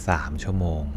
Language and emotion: Thai, frustrated